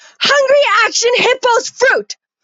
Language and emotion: English, angry